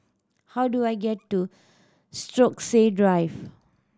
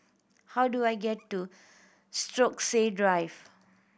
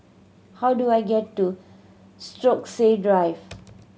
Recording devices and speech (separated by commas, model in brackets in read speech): standing microphone (AKG C214), boundary microphone (BM630), mobile phone (Samsung C7100), read sentence